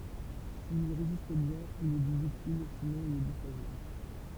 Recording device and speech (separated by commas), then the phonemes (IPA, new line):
temple vibration pickup, read sentence
sil i ʁezist bjɛ̃n il ɛ di dyktil sinɔ̃ il ɛ di fʁaʒil